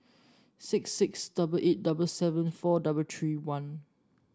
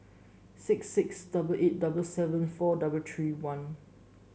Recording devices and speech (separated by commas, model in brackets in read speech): standing microphone (AKG C214), mobile phone (Samsung S8), read sentence